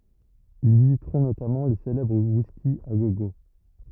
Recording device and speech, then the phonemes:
rigid in-ear microphone, read sentence
il vizitʁɔ̃ notamɑ̃ lə selɛbʁ wiski a ɡo ɡo

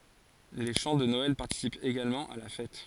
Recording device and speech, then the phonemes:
forehead accelerometer, read sentence
le ʃɑ̃ də nɔɛl paʁtisipt eɡalmɑ̃ a la fɛt

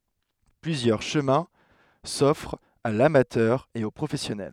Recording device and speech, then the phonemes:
headset microphone, read sentence
plyzjœʁ ʃəmɛ̃ sɔfʁt a lamatœʁ e o pʁofɛsjɔnɛl

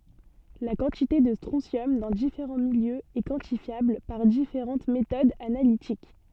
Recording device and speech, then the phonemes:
soft in-ear microphone, read sentence
la kɑ̃tite də stʁɔ̃sjɔm dɑ̃ difeʁɑ̃ miljøz ɛ kwɑ̃tifjabl paʁ difeʁɑ̃t metodz analitik

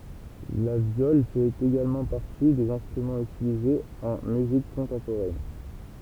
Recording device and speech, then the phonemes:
temple vibration pickup, read sentence
la vjɔl fɛt eɡalmɑ̃ paʁti dez ɛ̃stʁymɑ̃z ytilizez ɑ̃ myzik kɔ̃tɑ̃poʁɛn

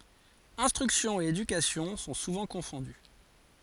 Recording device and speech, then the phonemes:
forehead accelerometer, read sentence
ɛ̃stʁyksjɔ̃ e edykasjɔ̃ sɔ̃ suvɑ̃ kɔ̃fɔ̃dy

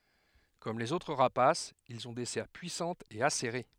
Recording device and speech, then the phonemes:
headset microphone, read sentence
kɔm lez otʁ ʁapasz ilz ɔ̃ de sɛʁ pyisɑ̃tz e aseʁe

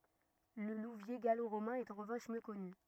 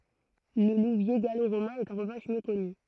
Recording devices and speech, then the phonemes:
rigid in-ear microphone, throat microphone, read sentence
lə luvje ɡaloʁomɛ̃ ɛt ɑ̃ ʁəvɑ̃ʃ mjø kɔny

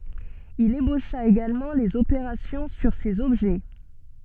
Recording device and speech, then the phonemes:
soft in-ear microphone, read sentence
il eboʃa eɡalmɑ̃ lez opeʁasjɔ̃ syʁ sez ɔbʒɛ

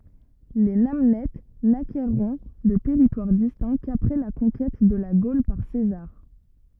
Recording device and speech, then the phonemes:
rigid in-ear microphone, read sentence
le nanɛt nakɛʁɔ̃ də tɛʁitwaʁ distɛ̃ kapʁɛ la kɔ̃kɛt də la ɡol paʁ sezaʁ

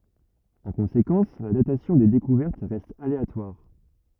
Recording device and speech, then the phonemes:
rigid in-ear microphone, read sentence
ɑ̃ kɔ̃sekɑ̃s la datasjɔ̃ de dekuvɛʁt ʁɛst aleatwaʁ

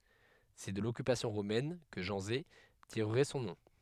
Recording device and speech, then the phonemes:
headset microphone, read sentence
sɛ də lɔkypasjɔ̃ ʁomɛn kə ʒɑ̃ze tiʁʁɛ sɔ̃ nɔ̃

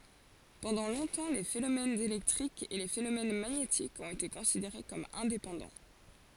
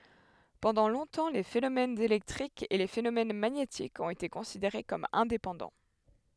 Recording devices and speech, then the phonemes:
forehead accelerometer, headset microphone, read sentence
pɑ̃dɑ̃ lɔ̃tɑ̃ le fenomɛnz elɛktʁikz e le fenomɛn maɲetikz ɔ̃t ete kɔ̃sideʁe kɔm ɛ̃depɑ̃dɑ̃

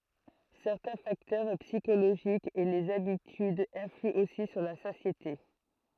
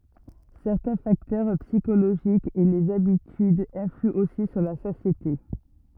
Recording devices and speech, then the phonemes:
throat microphone, rigid in-ear microphone, read sentence
sɛʁtɛ̃ faktœʁ psikoloʒikz e lez abitydz ɛ̃flyɑ̃ osi syʁ la satjete

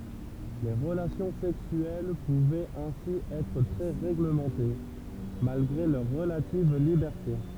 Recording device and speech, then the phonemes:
temple vibration pickup, read sentence
le ʁəlasjɔ̃ sɛksyɛl puvɛt ɛ̃si ɛtʁ tʁɛ ʁeɡləmɑ̃te malɡʁe lœʁ ʁəlativ libɛʁte

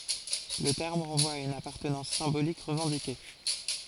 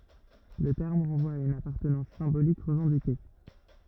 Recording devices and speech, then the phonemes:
forehead accelerometer, rigid in-ear microphone, read sentence
lə tɛʁm ʁɑ̃vwa a yn apaʁtənɑ̃s sɛ̃bolik ʁəvɑ̃dike

